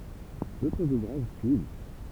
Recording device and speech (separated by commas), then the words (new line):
temple vibration pickup, read sentence
D'autres ouvrages suivent.